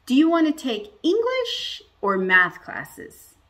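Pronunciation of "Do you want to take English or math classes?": The voice rises at the beginning of the question and falls at the end.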